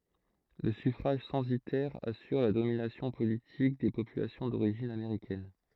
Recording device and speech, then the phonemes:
throat microphone, read sentence
lə syfʁaʒ sɑ̃sitɛʁ asyʁ la dominasjɔ̃ politik de popylasjɔ̃ doʁiʒin ameʁikɛn

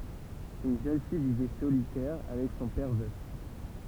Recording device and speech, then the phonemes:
temple vibration pickup, read sentence
yn ʒøn fij vivɛ solitɛʁ avɛk sɔ̃ pɛʁ vœf

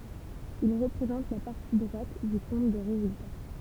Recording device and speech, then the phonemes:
temple vibration pickup, read sentence
il ʁəpʁezɑ̃t la paʁti dʁwat dy kɔ̃t də ʁezylta

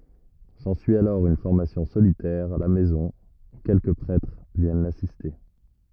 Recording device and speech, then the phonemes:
rigid in-ear microphone, read sentence
sɑ̃syi alɔʁ yn fɔʁmasjɔ̃ solitɛʁ a la mɛzɔ̃ u kɛlkə pʁɛtʁ vjɛn lasiste

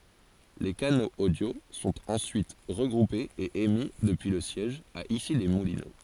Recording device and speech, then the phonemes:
forehead accelerometer, read sentence
le kanoz odjo sɔ̃t ɑ̃syit ʁəɡʁupez e emi dəpyi lə sjɛʒ a isilɛsmulino

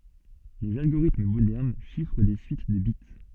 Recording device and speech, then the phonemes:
soft in-ear microphone, read sentence
lez alɡoʁitm modɛʁn ʃifʁ de syit də bit

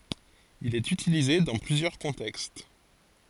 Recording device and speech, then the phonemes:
forehead accelerometer, read sentence
il ɛt ytilize dɑ̃ plyzjœʁ kɔ̃tɛkst

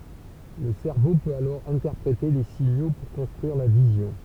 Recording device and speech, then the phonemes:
temple vibration pickup, read sentence
lə sɛʁvo pøt alɔʁ ɛ̃tɛʁpʁete le siɲo puʁ kɔ̃stʁyiʁ la vizjɔ̃

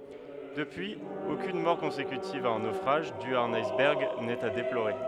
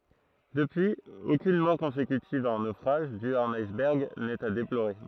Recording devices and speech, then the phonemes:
headset microphone, throat microphone, read sentence
dəpyiz okyn mɔʁ kɔ̃sekytiv a œ̃ nofʁaʒ dy a œ̃n ajsbɛʁɡ nɛt a deploʁe

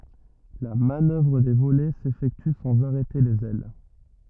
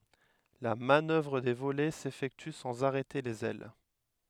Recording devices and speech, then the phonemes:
rigid in-ear microphone, headset microphone, read sentence
la manœvʁ də volɛ sefɛkty sɑ̃z aʁɛte lez ɛl

